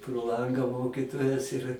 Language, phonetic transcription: Lithuanian, pro ˈlanga ˈmokytojas ir

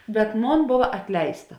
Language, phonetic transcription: Lithuanian, bet ˈmon ˈbova atˈleista

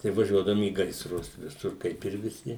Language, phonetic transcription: Lithuanian, tai vaˈžiuodavum į gaisˈrus viˈsur ˈkaip ir viˈsi

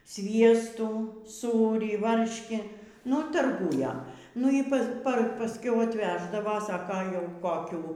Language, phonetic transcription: Lithuanian, ˈsviestų ˈsūrį ˈvarškį nu tarˈgūja ˈnu y ˈpas pa pasˈkiau atˈveždava ˈsaka jau koˈkių

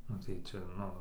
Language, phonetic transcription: Lithuanian, ˈnu tai ˈčia ˈnu

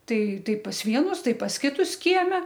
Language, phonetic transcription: Lithuanian, ˈtai ˈtai pas ˈvienus ˈtai pas ˈkitus ˈkieme

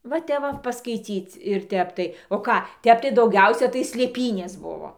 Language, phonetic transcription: Lithuanian, va ˈtep va paskaiˈcyc ir ˈtep tai o ˈką ˈtep tai dauˈgiausia tai slėˈpynės ˈbuvo

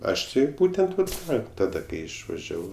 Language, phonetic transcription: Lithuanian, ˈaš ˈti ˈbūtent ˈnu ˈką taˈda ˈkai išvaˈžiavau

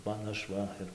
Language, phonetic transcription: Lithuanian, ˈman ˈaš ˈva ir

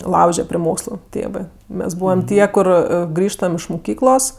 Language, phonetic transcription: Lithuanian, ˈlauže pri ˈmokslu ˈtėvɜ ˈmes ˈbūvam ˈtie ˈkur ˈgrįžtam iš muˈkyklos

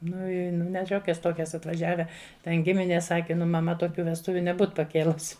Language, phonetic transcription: Lithuanian, ˈnu ˈi ne ˈšiokias ˈtokias atvaˈžiave ˈten ˈgiminės ˈsake ˈnu maˈma toˈkių vesˈtuviu neˈbūt paˈkėlus'

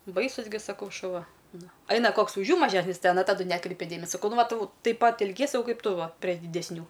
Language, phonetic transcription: Lithuanian, ˈbaisus gi saˈkau šuˈva ˈnu ˈaina ˈkoks už ˈjų maˈžesnis ˈten a taˈdu ˈnekreipia ˈdėmesio ˈva ˈtu taip ˈpat elˈgiesi saˈkau ˈkaip ˈtu ˈva pre didesˈnių

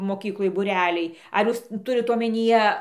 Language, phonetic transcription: Lithuanian, moˈkykloj būˈreliai ar ˈjūs ˈturit omenyˈje

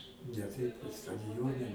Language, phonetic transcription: Lithuanian, ne ˈteip kad stadiˈjone

